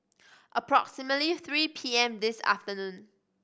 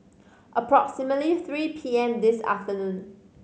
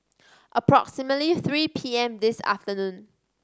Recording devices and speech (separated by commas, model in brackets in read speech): boundary microphone (BM630), mobile phone (Samsung C5010), standing microphone (AKG C214), read sentence